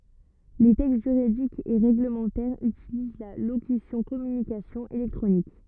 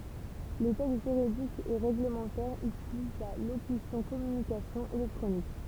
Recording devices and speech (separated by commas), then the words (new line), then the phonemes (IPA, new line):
rigid in-ear microphone, temple vibration pickup, read sentence
Les textes juridiques et réglementaires utilisent la locution communications électroniques.
le tɛkst ʒyʁidikz e ʁeɡləmɑ̃tɛʁz ytiliz la lokysjɔ̃ kɔmynikasjɔ̃z elɛktʁonik